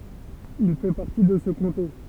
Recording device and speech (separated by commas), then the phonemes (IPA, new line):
temple vibration pickup, read sentence
il fɛ paʁti də sə kɔ̃te